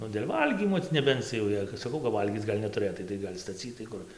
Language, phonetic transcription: Lithuanian, ˈnu dėl' ˈvalgymo ti neˈbenc jau ˈjei kad saˈkau kap ˈvalgyc ˈgal' netuˈrɘtai tai ˈgal' staˈcytai ˈkur

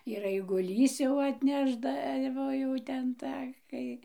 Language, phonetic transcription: Lithuanian, ir aiguˈlys jau atˈnešdavo ˈjau ten ˈtą ˈkai

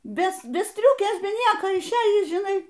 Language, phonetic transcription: Lithuanian, ˈbe ˈbe ˈstriukės ˈbe ˈnieko išˈėjįs žiˈnai

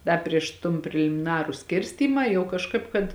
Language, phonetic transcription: Lithuanian, ˈda prieš ton prelimiˈnaru ˈskirstymą jau kažˈkaip kad

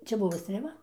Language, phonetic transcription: Lithuanian, ˈčia ˈbuvo strėˈva

